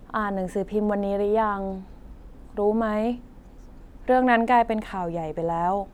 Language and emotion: Thai, neutral